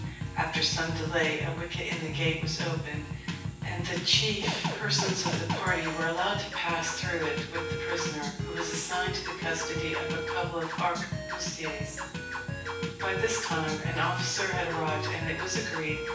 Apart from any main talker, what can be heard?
Music.